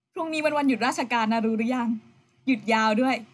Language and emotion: Thai, happy